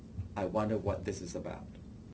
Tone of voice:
neutral